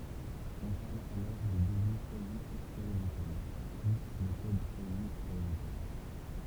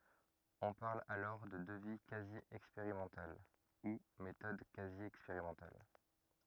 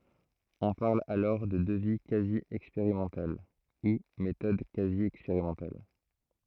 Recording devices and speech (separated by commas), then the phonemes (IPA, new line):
temple vibration pickup, rigid in-ear microphone, throat microphone, read sentence
ɔ̃ paʁl alɔʁ də dəvi kazi ɛkspeʁimɑ̃tal u metɔd kazi ɛkspeʁimɑ̃tal